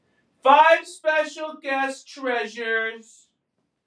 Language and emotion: English, sad